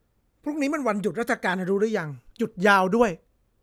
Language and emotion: Thai, frustrated